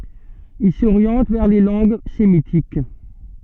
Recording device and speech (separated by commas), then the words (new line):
soft in-ear microphone, read sentence
Il s'oriente vers les langues sémitiques.